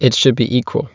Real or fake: real